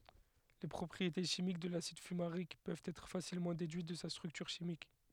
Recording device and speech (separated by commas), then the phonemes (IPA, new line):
headset microphone, read sentence
le pʁɔpʁiete ʃimik də lasid fymaʁik pøvt ɛtʁ fasilmɑ̃ dedyit də sa stʁyktyʁ ʃimik